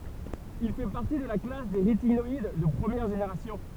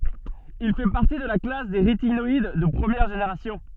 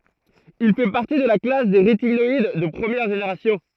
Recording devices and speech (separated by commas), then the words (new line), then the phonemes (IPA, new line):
temple vibration pickup, soft in-ear microphone, throat microphone, read sentence
Il fait partie de la classe des rétinoïdes de première génération.
il fɛ paʁti də la klas de ʁetinɔid də pʁəmjɛʁ ʒeneʁasjɔ̃